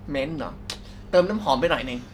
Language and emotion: Thai, frustrated